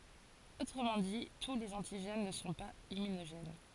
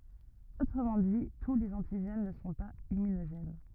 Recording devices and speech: forehead accelerometer, rigid in-ear microphone, read sentence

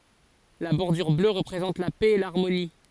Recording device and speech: forehead accelerometer, read sentence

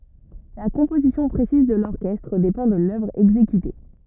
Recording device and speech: rigid in-ear microphone, read sentence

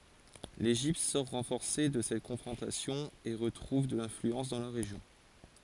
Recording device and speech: forehead accelerometer, read sentence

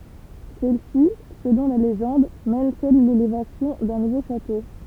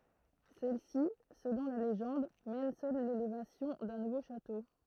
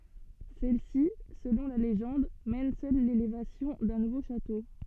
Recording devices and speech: temple vibration pickup, throat microphone, soft in-ear microphone, read sentence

